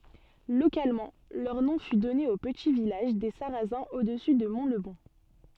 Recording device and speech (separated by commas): soft in-ear microphone, read sentence